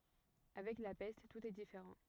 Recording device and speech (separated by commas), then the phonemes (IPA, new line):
rigid in-ear microphone, read sentence
avɛk la pɛst tut ɛ difeʁɑ̃